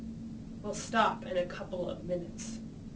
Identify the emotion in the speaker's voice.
disgusted